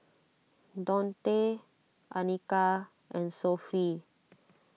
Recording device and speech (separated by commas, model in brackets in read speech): mobile phone (iPhone 6), read sentence